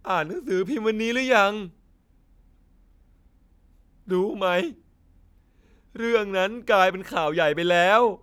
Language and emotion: Thai, sad